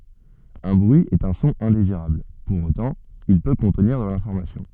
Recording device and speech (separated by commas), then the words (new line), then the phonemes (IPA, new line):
soft in-ear microphone, read sentence
Un bruit est un son indésirable, pour autant, il peut contenir de l'information.
œ̃ bʁyi ɛt œ̃ sɔ̃ ɛ̃deziʁabl puʁ otɑ̃ il pø kɔ̃tniʁ də lɛ̃fɔʁmasjɔ̃